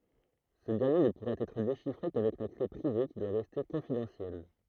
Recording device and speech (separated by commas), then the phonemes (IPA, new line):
throat microphone, read sentence
sə dɛʁnje nə puʁa ɛtʁ deʃifʁe kavɛk la kle pʁive ki dwa ʁɛste kɔ̃fidɑ̃sjɛl